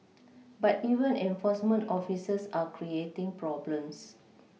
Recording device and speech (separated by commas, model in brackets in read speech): mobile phone (iPhone 6), read sentence